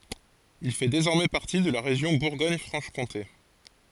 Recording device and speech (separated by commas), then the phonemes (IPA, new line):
forehead accelerometer, read sentence
il fɛ dezɔʁmɛ paʁti də la ʁeʒjɔ̃ buʁɡɔɲ fʁɑ̃ʃ kɔ̃te